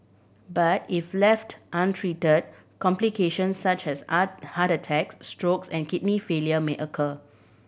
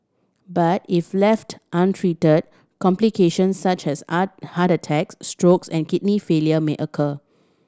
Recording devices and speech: boundary microphone (BM630), standing microphone (AKG C214), read sentence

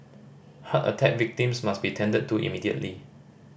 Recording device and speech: boundary microphone (BM630), read sentence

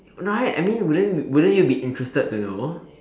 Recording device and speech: standing microphone, conversation in separate rooms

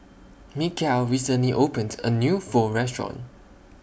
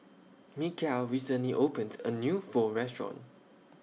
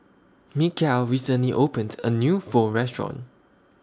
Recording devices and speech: boundary microphone (BM630), mobile phone (iPhone 6), standing microphone (AKG C214), read sentence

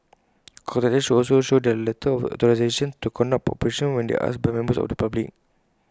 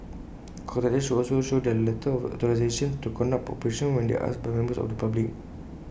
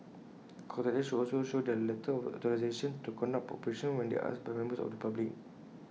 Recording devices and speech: close-talking microphone (WH20), boundary microphone (BM630), mobile phone (iPhone 6), read sentence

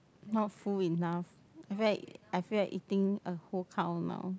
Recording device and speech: close-talking microphone, conversation in the same room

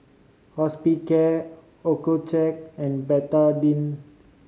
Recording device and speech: mobile phone (Samsung C5010), read sentence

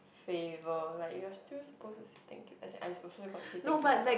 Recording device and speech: boundary microphone, conversation in the same room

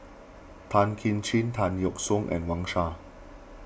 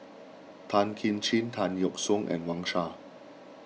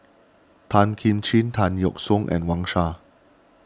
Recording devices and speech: boundary microphone (BM630), mobile phone (iPhone 6), standing microphone (AKG C214), read sentence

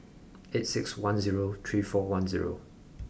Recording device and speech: boundary microphone (BM630), read sentence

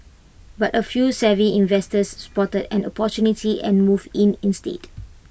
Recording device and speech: boundary microphone (BM630), read sentence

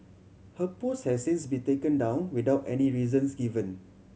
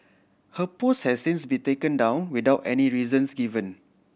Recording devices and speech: mobile phone (Samsung C7100), boundary microphone (BM630), read sentence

